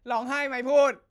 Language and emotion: Thai, happy